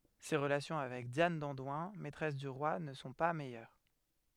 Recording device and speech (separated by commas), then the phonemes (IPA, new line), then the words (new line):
headset microphone, read sentence
se ʁəlasjɔ̃ avɛk djan dɑ̃dwɛ̃ mɛtʁɛs dy ʁwa nə sɔ̃ pa mɛjœʁ
Ses relations avec Diane d'Andoins, maîtresse du roi ne sont pas meilleures.